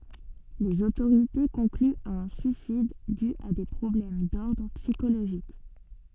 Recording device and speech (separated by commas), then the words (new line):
soft in-ear microphone, read sentence
Les autorités concluent à un suicide dû à des problèmes d'ordre psychologique.